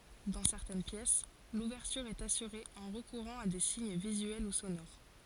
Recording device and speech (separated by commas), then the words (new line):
forehead accelerometer, read sentence
Dans certaines pièces, l'ouverture est assurée en recourant à des signes visuels ou sonores.